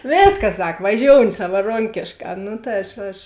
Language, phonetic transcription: Lithuanian, ˈvėskas ˈsak vaˈžiouni savaˈronkėšˌkā ˈnu ta ˈaš aš

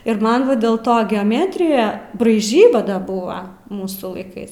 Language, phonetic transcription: Lithuanian, ir ˈman ˈva dėl ˈto geoˈmetrija braiˈžyba ˈda ˈbua ˈmūsų laiˈkais

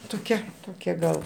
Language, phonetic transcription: Lithuanian, toˈkia ˈtokia gal

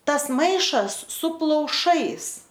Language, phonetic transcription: Lithuanian, ˈtas ˈmaišas su plauˈšais

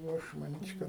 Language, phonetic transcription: Lithuanian, jau ˈaš maˈnyč' ˈkad

